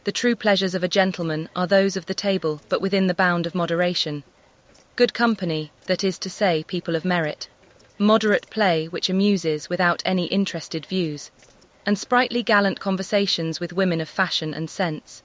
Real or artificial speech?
artificial